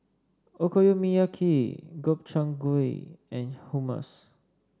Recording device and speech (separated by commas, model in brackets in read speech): standing microphone (AKG C214), read sentence